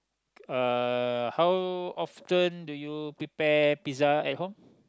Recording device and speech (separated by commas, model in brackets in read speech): close-talking microphone, conversation in the same room